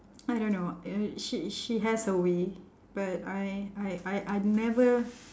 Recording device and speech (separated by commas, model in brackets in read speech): standing microphone, conversation in separate rooms